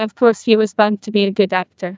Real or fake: fake